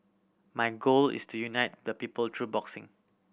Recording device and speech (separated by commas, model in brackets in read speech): boundary microphone (BM630), read sentence